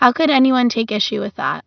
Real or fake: real